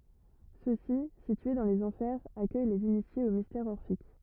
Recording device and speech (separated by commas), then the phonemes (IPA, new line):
rigid in-ear microphone, read sentence
søksi sitye dɑ̃ lez ɑ̃fɛʁz akœj lez inisjez o mistɛʁz ɔʁfik